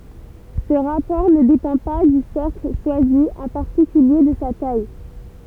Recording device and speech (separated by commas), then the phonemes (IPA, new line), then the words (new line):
temple vibration pickup, read sentence
sə ʁapɔʁ nə depɑ̃ pa dy sɛʁkl ʃwazi ɑ̃ paʁtikylje də sa taj
Ce rapport ne dépend pas du cercle choisi, en particulier de sa taille.